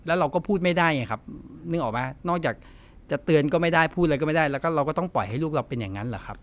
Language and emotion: Thai, frustrated